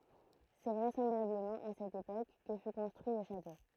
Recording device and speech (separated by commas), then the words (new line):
throat microphone, read sentence
C'est vraisemblablement à cette époque que fut construit le château.